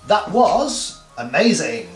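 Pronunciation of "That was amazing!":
'Amazing' is drawn out long, which gives it extra emphasis.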